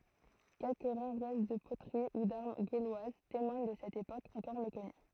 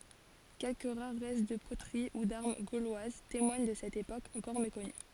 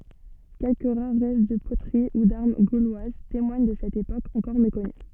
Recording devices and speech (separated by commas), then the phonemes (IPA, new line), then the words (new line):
throat microphone, forehead accelerometer, soft in-ear microphone, read sentence
kɛlkə ʁaʁ ʁɛst də potəʁi u daʁm ɡolwaz temwaɲ də sɛt epok ɑ̃kɔʁ mekɔny
Quelques rares restes de poteries ou d’armes gauloises témoignent de cette époque encore méconnue.